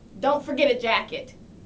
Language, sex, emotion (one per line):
English
female
neutral